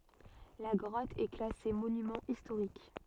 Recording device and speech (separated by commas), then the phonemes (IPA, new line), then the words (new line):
soft in-ear microphone, read sentence
la ɡʁɔt ɛ klase monymɑ̃ istoʁik
La grotte est classée monument historique.